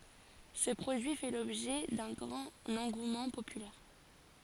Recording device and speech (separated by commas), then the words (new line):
forehead accelerometer, read sentence
Ce produit fait l’objet d’un grand engouement populaire.